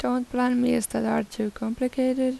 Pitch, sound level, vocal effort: 250 Hz, 82 dB SPL, soft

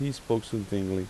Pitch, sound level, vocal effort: 110 Hz, 82 dB SPL, normal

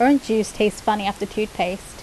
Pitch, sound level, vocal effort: 215 Hz, 81 dB SPL, normal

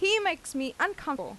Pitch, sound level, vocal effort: 345 Hz, 90 dB SPL, very loud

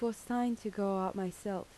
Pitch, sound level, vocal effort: 200 Hz, 78 dB SPL, soft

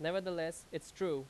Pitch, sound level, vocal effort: 165 Hz, 90 dB SPL, very loud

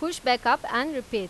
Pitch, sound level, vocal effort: 250 Hz, 95 dB SPL, loud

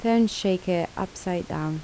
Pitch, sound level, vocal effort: 185 Hz, 76 dB SPL, soft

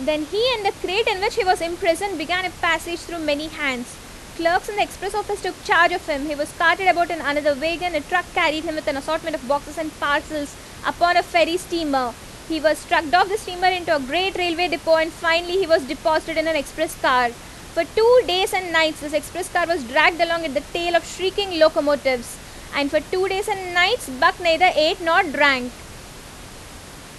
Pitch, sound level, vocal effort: 330 Hz, 90 dB SPL, very loud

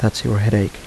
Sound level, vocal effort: 77 dB SPL, soft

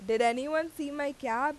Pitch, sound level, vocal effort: 285 Hz, 92 dB SPL, very loud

